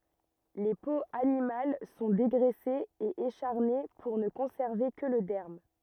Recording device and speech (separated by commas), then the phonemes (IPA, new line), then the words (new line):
rigid in-ear microphone, read sentence
le poz animal sɔ̃ deɡʁɛsez e eʃaʁne puʁ nə kɔ̃sɛʁve kə lə dɛʁm
Les peaux animales sont dégraissées et écharnées pour ne conserver que le derme.